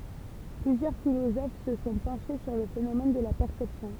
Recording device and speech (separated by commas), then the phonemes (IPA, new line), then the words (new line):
temple vibration pickup, read sentence
plyzjœʁ filozof sə sɔ̃ pɑ̃ʃe syʁ lə fenomɛn də la pɛʁsɛpsjɔ̃
Plusieurs philosophes se sont penchés sur le phénomène de la perception.